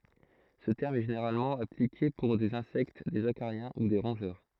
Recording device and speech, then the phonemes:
throat microphone, read sentence
sə tɛʁm ɛ ʒeneʁalmɑ̃ aplike puʁ dez ɛ̃sɛkt dez akaʁjɛ̃ u de ʁɔ̃ʒœʁ

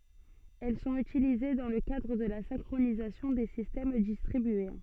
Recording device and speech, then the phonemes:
soft in-ear microphone, read sentence
ɛl sɔ̃t ytilize dɑ̃ lə kadʁ də la sɛ̃kʁonizasjɔ̃ de sistɛm distʁibye

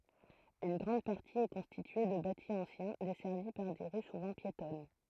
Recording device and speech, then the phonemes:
throat microphone, read sentence
yn ɡʁɑ̃d paʁti ɛ kɔ̃stitye də bati ɑ̃sjɛ̃ dɛsɛʁvi paʁ de ʁy suvɑ̃ pjetɔn

